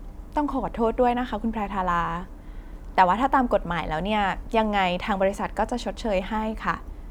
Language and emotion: Thai, neutral